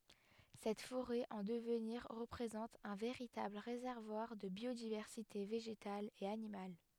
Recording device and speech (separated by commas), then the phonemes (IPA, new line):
headset microphone, read sentence
sɛt foʁɛ ɑ̃ dəvniʁ ʁəpʁezɑ̃t œ̃ veʁitabl ʁezɛʁvwaʁ də bjodivɛʁsite veʒetal e animal